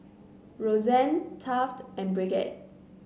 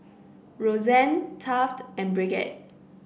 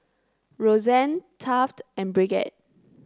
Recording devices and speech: mobile phone (Samsung C9), boundary microphone (BM630), close-talking microphone (WH30), read sentence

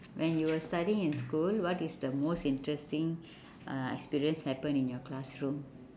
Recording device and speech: standing microphone, conversation in separate rooms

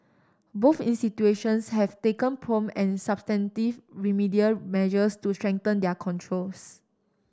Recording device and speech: standing microphone (AKG C214), read sentence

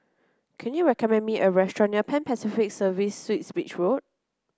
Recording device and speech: close-talking microphone (WH30), read sentence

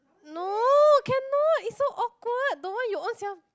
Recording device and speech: close-talking microphone, conversation in the same room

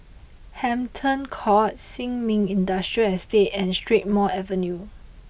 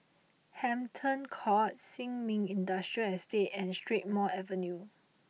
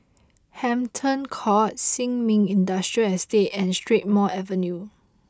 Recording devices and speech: boundary microphone (BM630), mobile phone (iPhone 6), close-talking microphone (WH20), read sentence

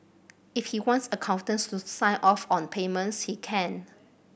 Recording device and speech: boundary microphone (BM630), read sentence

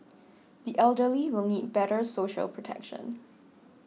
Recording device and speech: mobile phone (iPhone 6), read sentence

